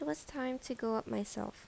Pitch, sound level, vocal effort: 225 Hz, 78 dB SPL, soft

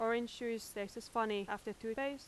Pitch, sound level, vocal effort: 225 Hz, 87 dB SPL, loud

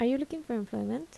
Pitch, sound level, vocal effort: 240 Hz, 77 dB SPL, soft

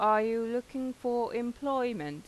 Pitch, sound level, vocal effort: 240 Hz, 90 dB SPL, normal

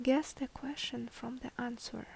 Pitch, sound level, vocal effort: 260 Hz, 71 dB SPL, soft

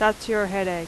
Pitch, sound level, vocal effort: 205 Hz, 88 dB SPL, very loud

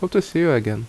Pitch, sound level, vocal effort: 165 Hz, 77 dB SPL, normal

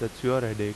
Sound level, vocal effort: 85 dB SPL, normal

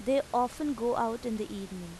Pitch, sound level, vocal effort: 235 Hz, 87 dB SPL, normal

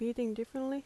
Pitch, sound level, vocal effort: 240 Hz, 80 dB SPL, soft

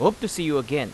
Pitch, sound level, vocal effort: 150 Hz, 91 dB SPL, loud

